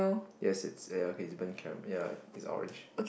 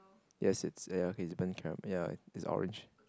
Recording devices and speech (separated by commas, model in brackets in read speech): boundary microphone, close-talking microphone, conversation in the same room